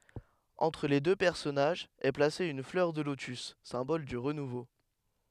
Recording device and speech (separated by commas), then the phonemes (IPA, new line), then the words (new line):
headset microphone, read sentence
ɑ̃tʁ le dø pɛʁsɔnaʒz ɛ plase yn flœʁ də lotys sɛ̃bɔl dy ʁənuvo
Entre les deux personnages est placée une fleur de lotus, symbole du renouveau.